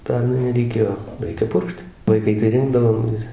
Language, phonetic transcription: Lithuanian, ˈpernai reiˈkėjo ˈreikia ˈpurkšt vaiˈkai tai ˈrindavom vis

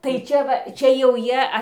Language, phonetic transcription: Lithuanian, tai ˈčia va ˈčia jau ˈjie

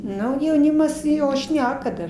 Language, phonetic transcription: Lithuanian, ˈnu jauˈnimas ˈjo ˈšneka dar

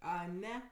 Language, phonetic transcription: Lithuanian, aˈne

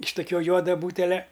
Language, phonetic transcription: Lithuanian, iš toˈkiuo ˈjuoda ˈbūtelia

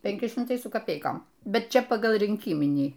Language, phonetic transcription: Lithuanian, penˈki šimˈtai su kaˈpeikom ˈbet ˈčia ˈpagal rynˈkyminį

